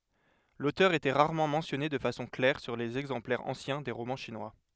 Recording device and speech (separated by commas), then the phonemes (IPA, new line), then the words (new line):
headset microphone, read sentence
lotœʁ etɛ ʁaʁmɑ̃ mɑ̃sjɔne də fasɔ̃ klɛʁ syʁ lez ɛɡzɑ̃plɛʁz ɑ̃sjɛ̃ de ʁomɑ̃ ʃinwa
L’auteur était rarement mentionné de façon claire sur les exemplaires anciens des romans chinois.